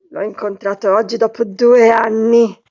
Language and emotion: Italian, angry